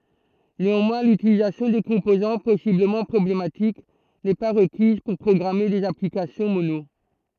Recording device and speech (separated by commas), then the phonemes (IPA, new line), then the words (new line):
throat microphone, read sentence
neɑ̃mwɛ̃ lytilizasjɔ̃ de kɔ̃pozɑ̃ pɔsibləmɑ̃ pʁɔblematik nɛ pa ʁəkiz puʁ pʁɔɡʁame dez aplikasjɔ̃ mono
Néanmoins, l'utilisation des composants possiblement problématiques n'est pas requise pour programmer des applications Mono.